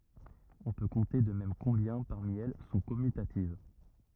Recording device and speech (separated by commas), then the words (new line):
rigid in-ear microphone, read sentence
On peut compter de même combien, parmi elles, sont commutatives.